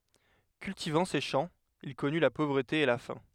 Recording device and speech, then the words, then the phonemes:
headset microphone, read sentence
Cultivant ses champs, il connut la pauvreté et la faim.
kyltivɑ̃ se ʃɑ̃ il kɔny la povʁəte e la fɛ̃

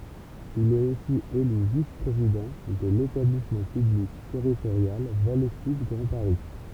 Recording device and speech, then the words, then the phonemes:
temple vibration pickup, read sentence
Il est aussi élu vice-président de l'établissement public territorial Vallée Sud Grand Paris.
il ɛt osi ely vis pʁezidɑ̃ də letablismɑ̃ pyblik tɛʁitoʁjal vale syd ɡʁɑ̃ paʁi

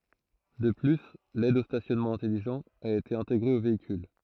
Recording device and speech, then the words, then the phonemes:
throat microphone, read sentence
De plus, l'aide au stationnement intelligent a été intégré au véhicule.
də ply lɛd o stasjɔnmɑ̃ ɛ̃tɛliʒɑ̃t a ete ɛ̃teɡʁe o veikyl

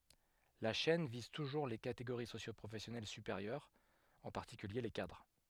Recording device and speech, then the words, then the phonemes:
headset microphone, read sentence
La chaîne vise toujours les catégories socio-professionnelles supérieures, en particulier les cadres.
la ʃɛn viz tuʒuʁ le kateɡoʁi sosjopʁofɛsjɔnɛl sypeʁjœʁz ɑ̃ paʁtikylje le kadʁ

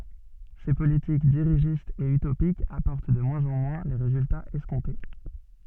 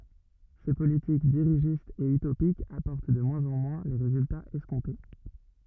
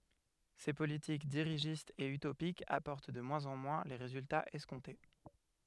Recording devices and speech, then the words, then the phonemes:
soft in-ear microphone, rigid in-ear microphone, headset microphone, read sentence
Ces politiques dirigistes et utopiques apportent de moins en moins les résultats escomptés.
se politik diʁiʒistz e ytopikz apɔʁt də mwɛ̃z ɑ̃ mwɛ̃ le ʁezyltaz ɛskɔ̃te

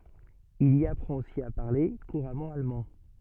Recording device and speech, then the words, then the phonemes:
soft in-ear microphone, read sentence
Il y apprend aussi à parler couramment allemand.
il i apʁɑ̃t osi a paʁle kuʁamɑ̃ almɑ̃

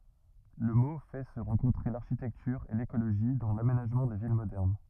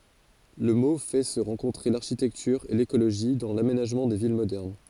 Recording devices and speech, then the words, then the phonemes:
rigid in-ear microphone, forehead accelerometer, read sentence
Le mot fait se rencontrer l'architecture et l'écologie dans l'aménagement des villes modernes.
lə mo fɛ sə ʁɑ̃kɔ̃tʁe laʁʃitɛktyʁ e lekoloʒi dɑ̃ lamenaʒmɑ̃ de vil modɛʁn

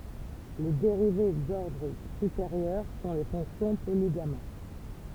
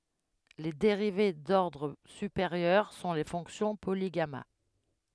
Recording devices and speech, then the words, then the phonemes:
temple vibration pickup, headset microphone, read sentence
Les dérivées d'ordre supérieur sont les fonctions polygamma.
le deʁive dɔʁdʁ sypeʁjœʁ sɔ̃ le fɔ̃ksjɔ̃ poliɡama

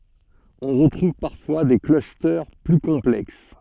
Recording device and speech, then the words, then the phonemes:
soft in-ear microphone, read sentence
On retrouve parfois des clusters plus complexes.
ɔ̃ ʁətʁuv paʁfwa de klyste ply kɔ̃plɛks

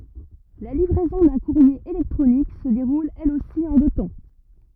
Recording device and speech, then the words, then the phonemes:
rigid in-ear microphone, read sentence
La livraison d'un courrier électronique se déroule elle aussi en deux temps.
la livʁɛzɔ̃ dœ̃ kuʁje elɛktʁonik sə deʁul ɛl osi ɑ̃ dø tɑ̃

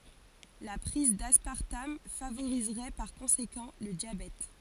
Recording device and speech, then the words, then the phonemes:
forehead accelerometer, read sentence
La prise d'aspartame favoriserait par conséquent le diabète.
la pʁiz daspaʁtam favoʁizʁɛ paʁ kɔ̃sekɑ̃ lə djabɛt

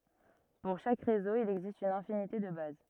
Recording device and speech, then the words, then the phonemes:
rigid in-ear microphone, read sentence
Pour chaque réseau, il existe une infinité de bases.
puʁ ʃak ʁezo il ɛɡzist yn ɛ̃finite də baz

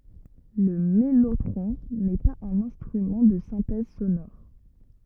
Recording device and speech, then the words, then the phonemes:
rigid in-ear microphone, read sentence
Le mellotron n’est pas un instrument de synthèse sonore.
lə mɛlotʁɔ̃ nɛ paz œ̃n ɛ̃stʁymɑ̃ də sɛ̃tɛz sonɔʁ

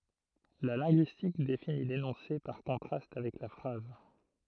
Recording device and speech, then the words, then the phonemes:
throat microphone, read sentence
La linguistique définit l'énoncé par contraste avec la phrase.
la lɛ̃ɡyistik defini lenɔ̃se paʁ kɔ̃tʁast avɛk la fʁaz

